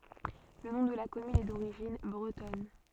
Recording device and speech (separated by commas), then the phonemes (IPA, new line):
soft in-ear microphone, read sentence
lə nɔ̃ də la kɔmyn ɛ doʁiʒin bʁətɔn